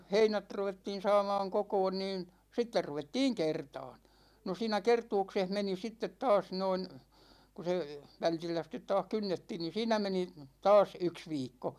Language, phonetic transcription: Finnish, heinät 'ruvettiin 'saamaaŋ 'kokoon niin , 'sitter 'ruvettiiŋ 'kertaan , no 'siinä "kertuukseh meni 'sittet 'taas noin , 'ku se , 'vältillä sit̆tet̆ "taah 'kynnettiin niin̬ 'siinä 'meni , "taas 'yks 'viikko .
- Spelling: heinät ruvettiin saamaan kokoon niin sitten ruvettiin kertaamaan no siinä kertauksessa meni sitten taas noin kun se vältillä sitten taas kynnettiin niin siinä meni taas yksi viikko

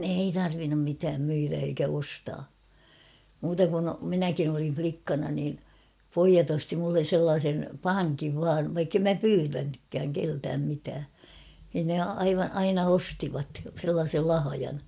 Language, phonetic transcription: Finnish, ei 'tarvinnum mitääm 'myirä eikä 'ostaa , muuta kun , "minäkin ‿olin͕̬ 'flikkana niin̬ , "poijat ‿osti mullen̬ 'sellaasen , "paŋkiv vaav vaikkem "mä "pyytänykkääŋ 'keltääm mitää , nin ne 'aiva- 'aina "ostivat , sellaasel 'lahajan .
- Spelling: ei tarvinnut mitään myydä eikä ostaa muuta kuin minäkin olin likkana niin pojat osti minulle sellaisen pankin vain vaikka en minä pyytänytkään keneltäkään mitään niin ne - aina ostivat sellaisen lahjan

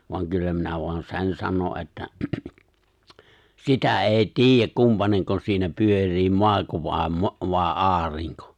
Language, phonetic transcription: Finnish, voaŋ 'kyllä minä voan "se̬n 'sano ’että , "sitä '’èi̬ "tiijjäk "kumpaneŋko 'siinä "pyör̆rii 'mo̭ako vài̬ 'mo- , vài̬ "’aariŋko .
- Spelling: vaan kyllä minä vain sen sanon että sitä ei tiedä kumpainenko siinä pyörii maako vai - vai aurinko

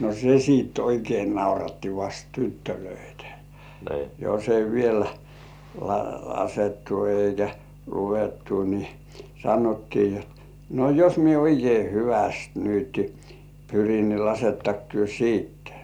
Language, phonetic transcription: Finnish, no "se siit oikei "nauratti vast 'tyttölöitᴀ̈ , jos ‿ei 'viel , 'la-"lasettu eikä 'luvettu ni , "sanottii ni ‿ot , » no "jos 'mie oikei "hyväst nyt , 'pyrin ni "lasettak työ "siitte « .
- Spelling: no se sitten oikein nauratti vasta tyttöjä jos ei vielä laskettu eikä luvattu niin sanottiin niin jotta no jos minä oikein hyvästi nyt pyrin niin lasketteko te sitten

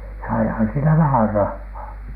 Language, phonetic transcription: Finnish, saihan siinä "vähär 'rahhaa .
- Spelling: saihan siinä vähän rahaa

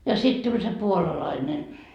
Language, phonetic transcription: Finnish, ja 'sit tuĺ se "puolalaine .
- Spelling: ja sitten tuli se puolalainen

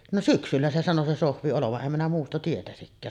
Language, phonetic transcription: Finnish, no "syksyllä se sano 'se "Sohvi olovaˀ 'ˀem minä muusta tietäsikkää .
- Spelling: no syksyllä se sanoi se Sohvi olevan en minä muusta tietäisikään

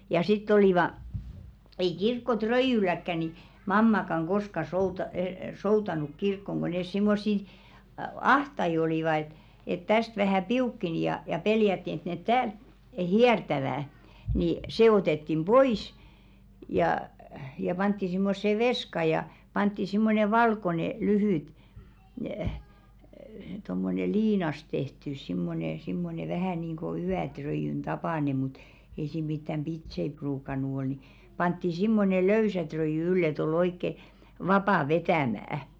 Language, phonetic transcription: Finnish, ja 'sitt ‿olìva , ei 'kirkko"tröijyläkkä ni , 'mammakaŋ 'ɢoska souta- 'soutanuk 'kirkkoŋ ɢo nes 'simmossi , "ahtai olìva et , et täst 'vähä̀ "piukkeni ja ja 'peljätti et net "täält "hiɛrtävä̀ , ni , "see 'otettim "ʙoìs , jà , ja 'pantti simmosse 'veska ja , 'pantti simmone "valkone 'lyhỳt , tommone 'liinas tehtys 'simmone simmone 'vähä̀ niiŋɢo "yätröijyn tapàne mut , ei sìm mittäm "ʙitsei 'pruukan̆nu ol ni , pantti 'simmone "löysä tröìjy 'yll ‿et ‿ol oikke , 'vapà "vetä̀mä̀₍ᵃ̈ .
- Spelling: ja sitten olivat ei kirkkoröijylläkään niin mammakaan koskaan - soutanut kirkkoon kun ne semmoisia ahtaita olivat että että tästä vähän piukkeni ja ja pelättiin että ne täältä hiertävät niin se otettiin pois ja ja pantiin semmoiseen veskaan ja pantiin semmoinen valkoinen lyhyt tuommoinen liinasta tehty semmoinen semmoinen vähän niin kuin yöröijyn tapainen mutta ei siinä mitään pitsejä ruukannut olla niin pantiin semmoinen löysä röijy ylle että oli oikein vapaa vetämään

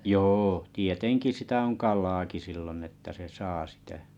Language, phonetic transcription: Finnish, jô , 'tieteŋki sitä oŋ 'kal̆ilaaki sillon että se 'saa sitä ,.
- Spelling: joo tietenkin sitä on kalaakin silloin että se saa sitä

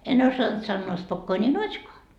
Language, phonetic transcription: Finnish, en 'osant sannoo 'spokkooni "not́škoa .
- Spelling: en osannut sanoa spokkooni notskoa

